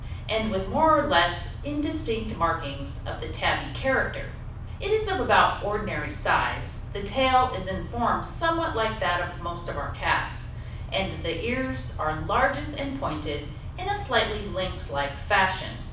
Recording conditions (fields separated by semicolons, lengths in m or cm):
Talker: one person; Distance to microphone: 5.8 m; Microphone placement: far; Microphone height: 1.8 m; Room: medium-sized (5.7 m by 4.0 m); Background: none